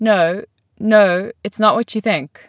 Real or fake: real